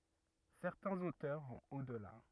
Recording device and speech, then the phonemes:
rigid in-ear microphone, read sentence
sɛʁtɛ̃z otœʁ vɔ̃t o dəla

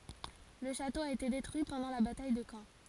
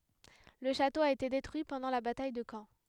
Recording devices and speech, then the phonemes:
forehead accelerometer, headset microphone, read sentence
lə ʃato a ete detʁyi pɑ̃dɑ̃ la bataj də kɑ̃

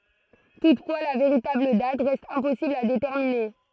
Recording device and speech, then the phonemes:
throat microphone, read sentence
tutfwa la veʁitabl dat ʁɛst ɛ̃pɔsibl a detɛʁmine

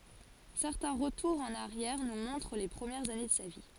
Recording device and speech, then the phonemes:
forehead accelerometer, read sentence
sɛʁtɛ̃ ʁətuʁz ɑ̃n aʁjɛʁ nu mɔ̃tʁ le pʁəmjɛʁz ane də sa vi

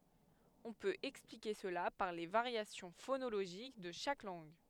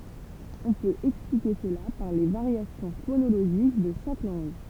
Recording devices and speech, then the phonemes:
headset microphone, temple vibration pickup, read sentence
ɔ̃ pøt ɛksplike səla paʁ le vaʁjasjɔ̃ fonoloʒik də ʃak lɑ̃ɡ

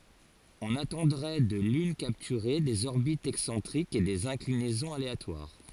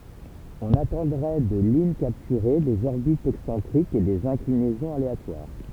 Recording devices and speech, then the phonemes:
forehead accelerometer, temple vibration pickup, read sentence
ɔ̃n atɑ̃dʁɛ də lyn kaptyʁe dez ɔʁbitz ɛksɑ̃tʁikz e dez ɛ̃klinɛzɔ̃z aleatwaʁ

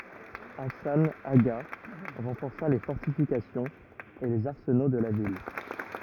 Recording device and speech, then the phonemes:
rigid in-ear microphone, read sentence
asɑ̃ aɡa ʁɑ̃fɔʁsa le fɔʁtifikasjɔ̃z e lez aʁsəno də la vil

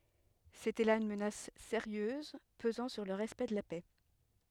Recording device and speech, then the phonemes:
headset microphone, read sentence
setɛ la yn mənas seʁjøz pəzɑ̃ syʁ lə ʁɛspɛkt də la pɛ

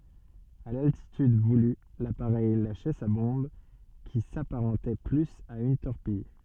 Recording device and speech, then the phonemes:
soft in-ear microphone, read sentence
a laltityd vuly lapaʁɛj laʃɛ sa bɔ̃b ki sapaʁɑ̃tɛ plyz a yn tɔʁpij

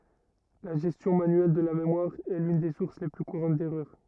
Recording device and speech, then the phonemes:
rigid in-ear microphone, read sentence
la ʒɛstjɔ̃ manyɛl də la memwaʁ ɛ lyn de suʁs le ply kuʁɑ̃t dɛʁœʁ

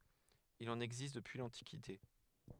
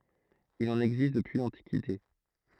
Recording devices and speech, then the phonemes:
headset microphone, throat microphone, read sentence
il ɑ̃n ɛɡzist dəpyi lɑ̃tikite

